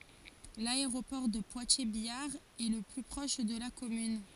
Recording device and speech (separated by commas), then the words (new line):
forehead accelerometer, read sentence
L'aéroport de Poitiers-Biard est le plus proche de la commune.